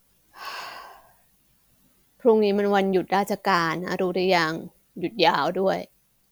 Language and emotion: Thai, frustrated